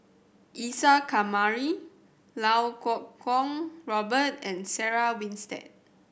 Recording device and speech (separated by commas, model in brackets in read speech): boundary microphone (BM630), read sentence